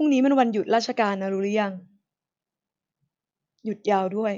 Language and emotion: Thai, neutral